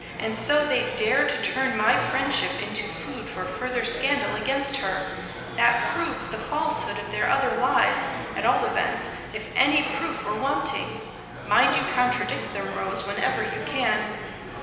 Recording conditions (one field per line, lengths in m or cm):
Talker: one person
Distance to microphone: 1.7 m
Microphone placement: close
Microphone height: 1.0 m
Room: very reverberant, large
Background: babble